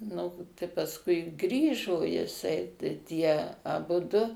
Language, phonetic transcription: Lithuanian, ˈnu tai pasˈkui ˈgrįžo jiˈsai tai ˈtie aˈbudu

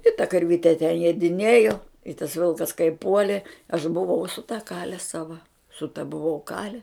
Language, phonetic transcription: Lithuanian, i ta karˈvite te jiediˈniejo i tas ˈvilkas kai ˈpuoli aš buvau su ta kale sava su ta buˈvau ˈkale

